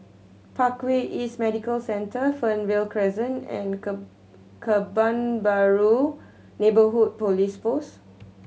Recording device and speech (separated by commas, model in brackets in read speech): mobile phone (Samsung C7100), read sentence